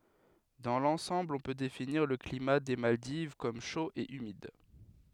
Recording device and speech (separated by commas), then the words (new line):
headset microphone, read sentence
Dans l'ensemble on peut définir le climat des Maldives comme chaud et humide.